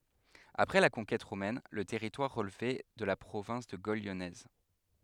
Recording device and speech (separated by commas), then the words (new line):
headset microphone, read sentence
Après la conquête romaine le territoire relevait de la province de Gaule lyonnaise.